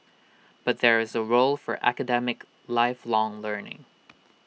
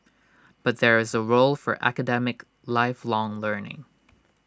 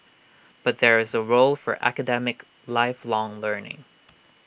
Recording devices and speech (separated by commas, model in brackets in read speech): mobile phone (iPhone 6), standing microphone (AKG C214), boundary microphone (BM630), read sentence